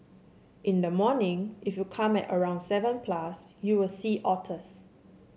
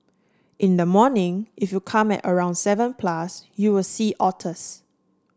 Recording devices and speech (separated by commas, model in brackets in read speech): mobile phone (Samsung C7), standing microphone (AKG C214), read sentence